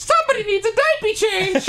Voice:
high-pitched voice